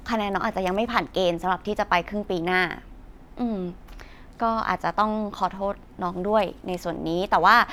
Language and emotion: Thai, neutral